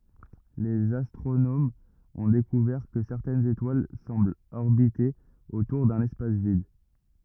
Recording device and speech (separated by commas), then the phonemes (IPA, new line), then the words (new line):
rigid in-ear microphone, read sentence
lez astʁonomz ɔ̃ dekuvɛʁ kə sɛʁtɛnz etwal sɑ̃blt ɔʁbite otuʁ dœ̃n ɛspas vid
Les astronomes ont découvert que certaines étoiles semblent orbiter autour d'un espace vide.